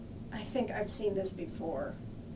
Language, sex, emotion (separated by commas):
English, female, sad